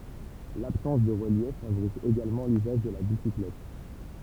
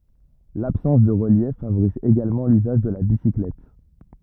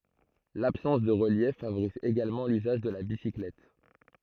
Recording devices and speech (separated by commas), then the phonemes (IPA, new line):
temple vibration pickup, rigid in-ear microphone, throat microphone, read sentence
labsɑ̃s də ʁəljɛf favoʁiz eɡalmɑ̃ lyzaʒ də la bisiklɛt